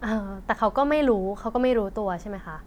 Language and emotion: Thai, neutral